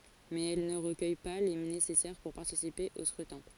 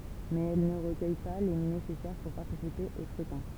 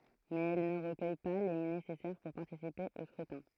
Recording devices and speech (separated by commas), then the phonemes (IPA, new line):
forehead accelerometer, temple vibration pickup, throat microphone, read sentence
mɛz ɛl nə ʁəkœj pa le nesɛsɛʁ puʁ paʁtisipe o skʁytɛ̃